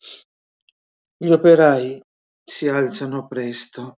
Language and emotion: Italian, sad